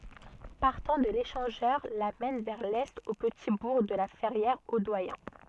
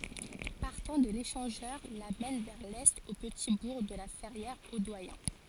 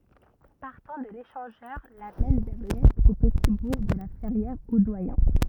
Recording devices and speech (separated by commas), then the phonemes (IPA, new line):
soft in-ear microphone, forehead accelerometer, rigid in-ear microphone, read sentence
paʁtɑ̃ də leʃɑ̃ʒœʁ la mɛn vɛʁ lɛt o pəti buʁ də la fɛʁjɛʁ o dwajɛ̃